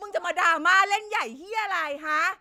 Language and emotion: Thai, angry